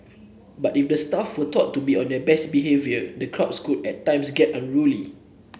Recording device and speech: boundary microphone (BM630), read sentence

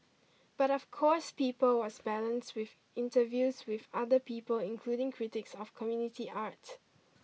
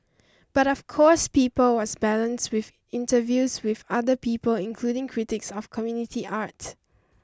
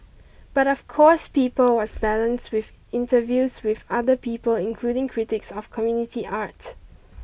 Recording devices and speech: mobile phone (iPhone 6), standing microphone (AKG C214), boundary microphone (BM630), read sentence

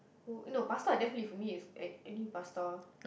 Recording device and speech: boundary microphone, conversation in the same room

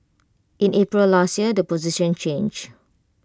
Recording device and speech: close-talking microphone (WH20), read sentence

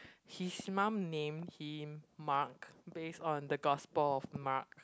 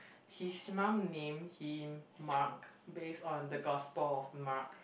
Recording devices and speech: close-talking microphone, boundary microphone, conversation in the same room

